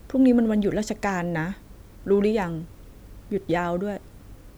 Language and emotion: Thai, neutral